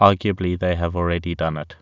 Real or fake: real